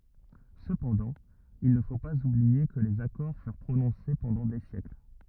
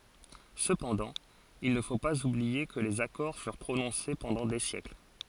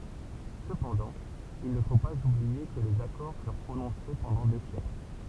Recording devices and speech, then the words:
rigid in-ear microphone, forehead accelerometer, temple vibration pickup, read sentence
Cependant, il ne faut pas oublier que les accords furent prononcés pendant des siècles.

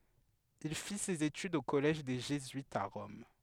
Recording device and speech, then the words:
headset microphone, read sentence
Il fit ses études au collège des jésuites à Rome.

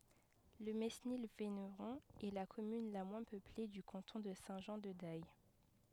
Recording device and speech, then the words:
headset microphone, read sentence
Le Mesnil-Véneron est la commune la moins peuplée du canton de Saint-Jean-de-Daye.

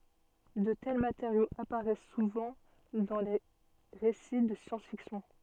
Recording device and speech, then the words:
soft in-ear microphone, read sentence
De tels matériaux apparaissent souvent dans des récits de science-fiction.

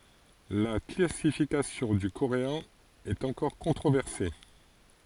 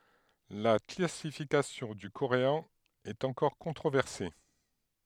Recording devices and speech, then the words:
forehead accelerometer, headset microphone, read sentence
La classification du coréen est encore controversée.

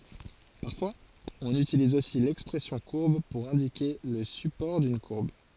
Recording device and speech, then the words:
forehead accelerometer, read sentence
Parfois, on utilise aussi l'expression courbe pour indiquer le support d'une courbe.

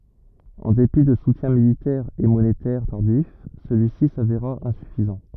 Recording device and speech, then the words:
rigid in-ear microphone, read sentence
En dépit de soutiens militaires et monétaires tardifs, celui-ci s'avéra insuffisant.

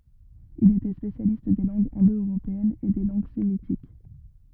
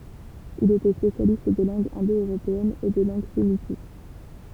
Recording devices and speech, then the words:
rigid in-ear microphone, temple vibration pickup, read sentence
Il était spécialiste des langues indo-européennes et des langues sémitiques.

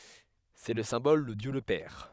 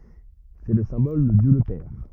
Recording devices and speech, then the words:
headset microphone, rigid in-ear microphone, read sentence
C’est le symbole de Dieu le Père.

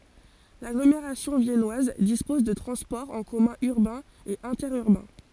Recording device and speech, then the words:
forehead accelerometer, read sentence
L'agglomération viennoise dispose de transports en commun urbains et interurbains.

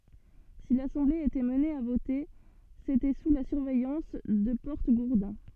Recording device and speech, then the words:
soft in-ear microphone, read sentence
Si l'assemblée était amenée à voter, c'était sous la surveillance de porte-gourdins.

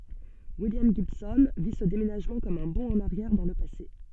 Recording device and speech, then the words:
soft in-ear microphone, read sentence
William Gibson vit ce déménagement comme un bond en arrière dans le passé.

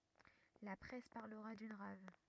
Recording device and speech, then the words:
rigid in-ear microphone, read sentence
La presse parlera d'une rave.

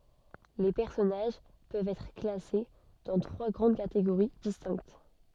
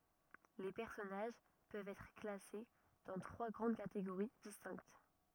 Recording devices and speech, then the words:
soft in-ear microphone, rigid in-ear microphone, read sentence
Les personnages peuvent être classés dans trois grandes catégories distinctes.

